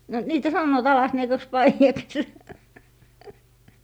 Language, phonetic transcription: Finnish, no , 'niitä sannoot 'alasniekaks "paijaks .
- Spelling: no niitä sanovat alasniekaksi paidaksi

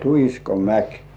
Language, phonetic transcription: Finnish, Tuhiskomäk .
- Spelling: Tuhiskomäki

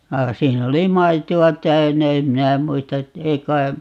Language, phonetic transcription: Finnish, 'vaa 'siin ‿oli "maito₍a 'täynnä - 'em minä 'muista ett(ä) 'ei kai , .
- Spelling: vaan siinä oli maitoa täynnä en minä muista että ei kai

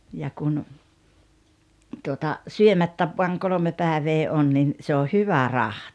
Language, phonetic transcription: Finnish, ja kun , tuota , "syömät̳t̳äv voaŋ 'kolᵒme 'pä̀evee 'on nin , se o "hyvä "rahti .
- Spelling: ja kun tuota syömättä vain kolme päivää on niin se on hyvä rahti

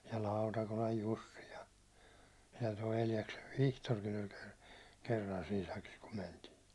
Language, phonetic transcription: Finnish, ja "Lautakolaj "Jussi ja , ja toi 'Eljaksev "Vihtorkin ‿oĺ ker- , 'kerran siin̬ sakis kum 'mentiin̬ .
- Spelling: ja Lautakolan Jussi ja ja tuo Eljaksen Vihtorikin oli - kerran siinä sakissa kun mentiin

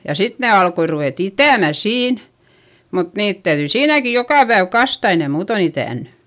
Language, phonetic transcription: Finnish, ja sit ne alkoi ruvèt ‿itä̀mä siin , mut niit täyδyi siinäki jokà päev kasta ei ne muuton ‿itä̀nny .
- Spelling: ja sitten ne alkoi ruveta itämään siinä mutta niitä täytyi siinäkin joka päivä kastaa ei ne muuten itänyt

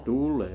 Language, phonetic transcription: Finnish, 'tul̆lee .
- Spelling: tulee

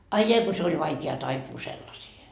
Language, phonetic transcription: Finnish, 'ai jai ko se oĺ 'vaikea taipuu 'sellasiihe .
- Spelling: ai ai kun se oli vaikea taipua sellaisiin

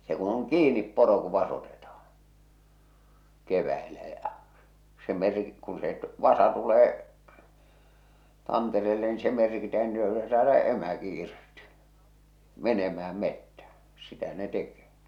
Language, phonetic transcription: Finnish, se ku oŋ "kiinip 'poro ku 'vasotetahᴀɴ , 'keväelä ja͕ , se mer- , kuṵ se , 'vasa tulee , 'tantereelle ni se "merkitä (ja sillo se saa läh-) 'emäki irti , 'menemä₍äm 'mettä , 'sitä ne 'teke̳ .
- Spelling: se kun on kiinni poro kun vasotetaan keväällä ja se - kun se vasa tulee tantereelle niin se merkitään ja silloin se saa - emäkin irti menemään metsään sitä ne tekee

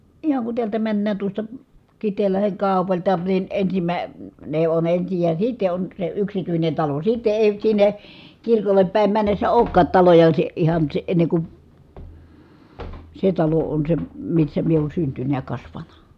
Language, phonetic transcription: Finnish, ihaŋ kun tiältä männään tuosta , Kit̀eellaheŋ kàu̬palta ni , ensimä- -ne , on ensij ja sitte on , se yksityinen talo , sitte èi sinne , kirkollep pä̀i̮m männessä òu̬kkaat taloja si- , ihan si- , enne ku , se talo on se , missä mie oon syntynᵃ̈ ja kasvana .
- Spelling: ihan kun täältä mennään tuosta Kiteenlahden kaupalta niin - ensimmäinen on ensin ja sitten on se yksityinen talo sitten ei sinne kirkolle päin mennessä olekaan taloja - ihan - ennen kuin se talo on se missä minä olen syntynyt ja kasvanut

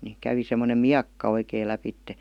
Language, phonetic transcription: Finnish, ni 'kävi semmonem "miakka oikèⁱ 'läpitte .
- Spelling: niin kävi semmoinen miekka oikein lävitse

